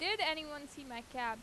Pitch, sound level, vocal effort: 285 Hz, 91 dB SPL, loud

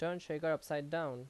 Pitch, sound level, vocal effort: 155 Hz, 87 dB SPL, loud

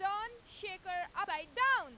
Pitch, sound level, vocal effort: 375 Hz, 103 dB SPL, very loud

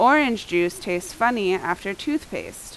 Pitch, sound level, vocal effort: 190 Hz, 86 dB SPL, very loud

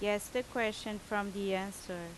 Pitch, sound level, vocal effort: 205 Hz, 85 dB SPL, very loud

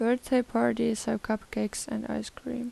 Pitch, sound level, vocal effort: 220 Hz, 81 dB SPL, soft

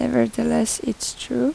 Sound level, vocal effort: 81 dB SPL, soft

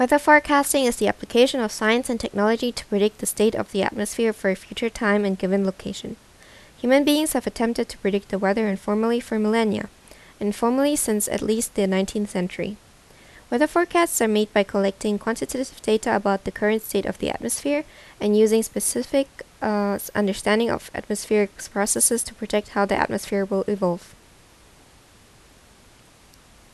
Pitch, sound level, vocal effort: 210 Hz, 80 dB SPL, normal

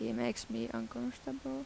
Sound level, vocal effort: 79 dB SPL, soft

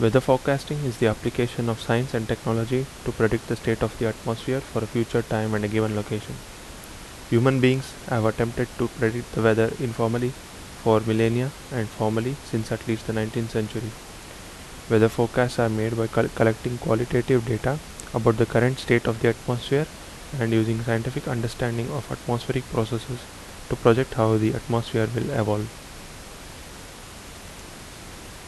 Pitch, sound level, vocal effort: 115 Hz, 77 dB SPL, normal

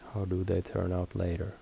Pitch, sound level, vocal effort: 90 Hz, 73 dB SPL, soft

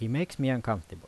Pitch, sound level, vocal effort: 120 Hz, 84 dB SPL, normal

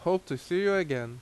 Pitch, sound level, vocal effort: 175 Hz, 86 dB SPL, loud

